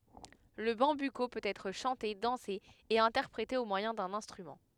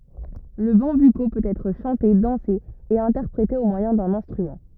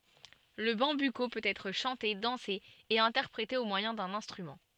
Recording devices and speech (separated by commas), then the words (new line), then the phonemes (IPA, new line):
headset microphone, rigid in-ear microphone, soft in-ear microphone, read sentence
Le bambuco peut être chanté, dansé et interprété au moyen d'un instrument.
lə bɑ̃byko pøt ɛtʁ ʃɑ̃te dɑ̃se e ɛ̃tɛʁpʁete o mwajɛ̃ dœ̃n ɛ̃stʁymɑ̃